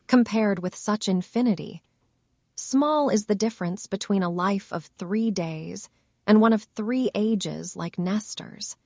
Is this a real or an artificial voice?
artificial